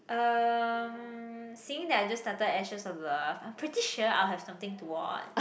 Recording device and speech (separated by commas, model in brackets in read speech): boundary microphone, conversation in the same room